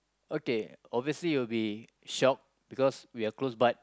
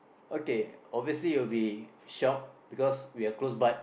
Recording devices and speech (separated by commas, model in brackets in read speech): close-talking microphone, boundary microphone, conversation in the same room